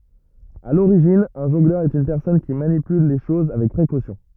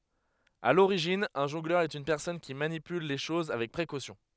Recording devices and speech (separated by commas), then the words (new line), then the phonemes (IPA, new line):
rigid in-ear microphone, headset microphone, read sentence
À l'origine, un jongleur est une personne qui manipule les choses avec précaution.
a loʁiʒin œ̃ ʒɔ̃ɡlœʁ ɛt yn pɛʁsɔn ki manipyl le ʃoz avɛk pʁekosjɔ̃